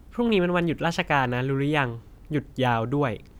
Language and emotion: Thai, neutral